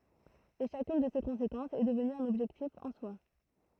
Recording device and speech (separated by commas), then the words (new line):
throat microphone, read sentence
Et chacune de ces conséquences est devenue un objectif en soi.